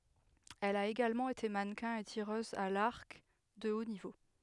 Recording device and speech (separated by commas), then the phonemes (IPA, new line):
headset microphone, read sentence
ɛl a eɡalmɑ̃ ete manəkɛ̃ e tiʁøz a laʁk də o nivo